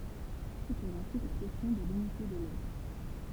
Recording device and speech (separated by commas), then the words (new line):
temple vibration pickup, read sentence
Se pose ensuite la question de l'unité de l'ode.